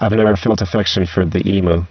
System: VC, spectral filtering